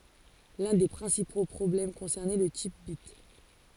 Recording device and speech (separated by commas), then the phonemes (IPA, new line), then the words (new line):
forehead accelerometer, read sentence
lœ̃ de pʁɛ̃sipo pʁɔblɛm kɔ̃sɛʁnɛ lə tip bit
L'un des principaux problèmes concernait le type bit.